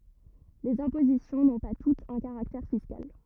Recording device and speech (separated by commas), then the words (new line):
rigid in-ear microphone, read sentence
Les impositions n’ont pas toutes un caractère fiscal.